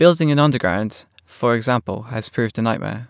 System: none